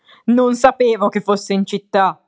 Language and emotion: Italian, angry